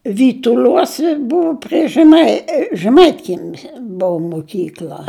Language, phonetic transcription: Lithuanian, vytuˈliuose ˈbuvo pri žeˈmai žeˈmaitkiemis ˈbuu muˈkykl'a

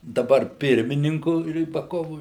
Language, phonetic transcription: Lithuanian, daˈbar ˈpirmininku rybaˈkovu

